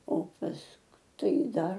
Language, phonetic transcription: Lithuanian, o ˈpask ˈtai ˈdar

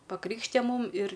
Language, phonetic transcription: Lithuanian, paˈkrykštija ˈmūm ir

